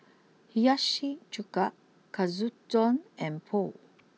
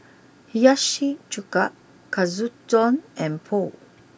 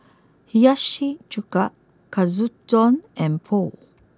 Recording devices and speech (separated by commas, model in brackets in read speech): mobile phone (iPhone 6), boundary microphone (BM630), close-talking microphone (WH20), read sentence